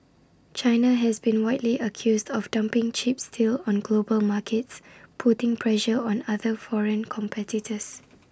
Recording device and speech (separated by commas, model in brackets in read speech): standing microphone (AKG C214), read sentence